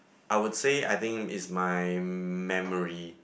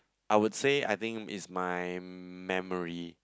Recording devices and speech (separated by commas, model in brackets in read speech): boundary microphone, close-talking microphone, conversation in the same room